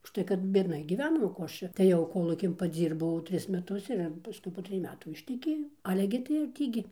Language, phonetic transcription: Lithuanian, užˈtai kad biedˈnai gyˈvenom o ˈko ˈaš čia tai ˈjau ˈkolūkin paˈdzyrbau ˈtris meˈtus ir ir paˈskui po ˈtrij ˈmetų išteˈkėjau ˈale gi tai ir ˈtį gi

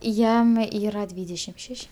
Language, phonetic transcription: Lithuanian, ˈjam ˈyra ˈdvydešim ˈšeš'

